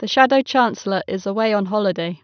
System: none